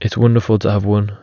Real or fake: real